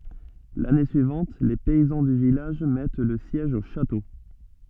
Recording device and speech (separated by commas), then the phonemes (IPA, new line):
soft in-ear microphone, read sentence
lane syivɑ̃t le pɛizɑ̃ dy vilaʒ mɛt lə sjɛʒ o ʃato